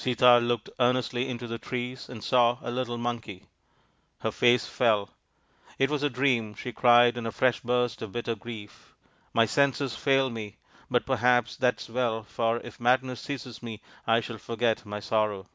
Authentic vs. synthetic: authentic